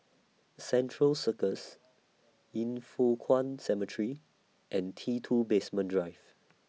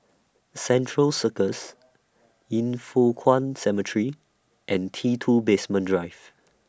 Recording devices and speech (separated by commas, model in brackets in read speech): mobile phone (iPhone 6), standing microphone (AKG C214), read sentence